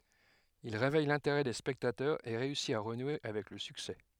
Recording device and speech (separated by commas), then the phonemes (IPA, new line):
headset microphone, read sentence
il ʁevɛj lɛ̃teʁɛ de spɛktatœʁz e ʁeysi a ʁənwe avɛk lə syksɛ